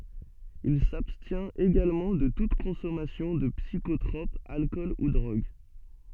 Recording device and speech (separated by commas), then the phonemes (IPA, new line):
soft in-ear microphone, read sentence
il sabstjɛ̃t eɡalmɑ̃ də tut kɔ̃sɔmasjɔ̃ də psikotʁɔp alkɔl u dʁoɡ